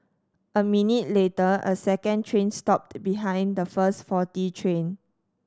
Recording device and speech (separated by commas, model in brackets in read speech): standing microphone (AKG C214), read sentence